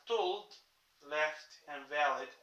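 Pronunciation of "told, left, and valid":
In 'told', 'left' and 'valid', the L is soft and not heavy: a light L.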